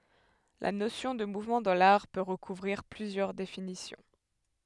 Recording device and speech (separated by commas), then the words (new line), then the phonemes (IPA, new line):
headset microphone, read sentence
La notion de mouvement dans l'art peut recouvrir plusieurs définitions.
la nosjɔ̃ də muvmɑ̃ dɑ̃ laʁ pø ʁəkuvʁiʁ plyzjœʁ definisjɔ̃